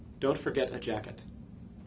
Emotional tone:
neutral